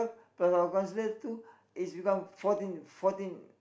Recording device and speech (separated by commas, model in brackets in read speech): boundary microphone, conversation in the same room